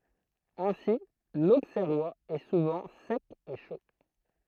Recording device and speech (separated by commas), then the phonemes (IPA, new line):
throat microphone, read sentence
ɛ̃si loksɛʁwaz ɛ suvɑ̃ sɛk e ʃo